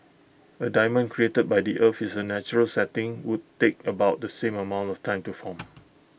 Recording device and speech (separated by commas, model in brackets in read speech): boundary microphone (BM630), read sentence